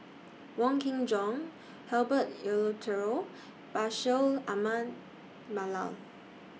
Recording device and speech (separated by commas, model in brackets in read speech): mobile phone (iPhone 6), read sentence